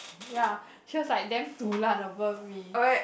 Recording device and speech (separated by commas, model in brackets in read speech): boundary microphone, conversation in the same room